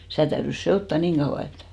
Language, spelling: Finnish, sitä täytyi sekoittaa niin kauan että
- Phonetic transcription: 'sitä̀ täyrys "se₍otta 'niiŋ ɢauʷa 'et ,.

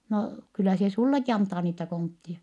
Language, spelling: Finnish, no kyllä se sinullekin antaa niitä kontteja
- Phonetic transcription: » no , kyllä se sulleki antaa niitä konttie ? »

